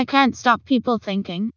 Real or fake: fake